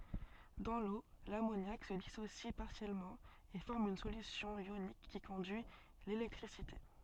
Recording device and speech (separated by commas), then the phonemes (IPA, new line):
soft in-ear microphone, read sentence
dɑ̃ lo lamonjak sə disosi paʁsjɛlmɑ̃ e fɔʁm yn solysjɔ̃ jonik ki kɔ̃dyi lelɛktʁisite